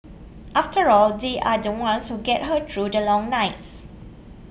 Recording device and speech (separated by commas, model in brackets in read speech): boundary microphone (BM630), read sentence